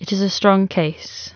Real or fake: real